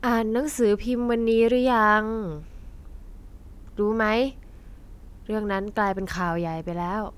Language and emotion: Thai, neutral